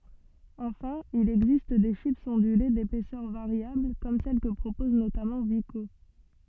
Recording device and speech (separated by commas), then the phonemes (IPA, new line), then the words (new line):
soft in-ear microphone, read sentence
ɑ̃fɛ̃ il ɛɡzist de ʃipz ɔ̃dyle depɛsœʁ vaʁjabl kɔm sɛl kə pʁopɔz notamɑ̃ viko
Enfin, il existe des chips ondulées d'épaisseur variable, comme celles que propose notamment Vico.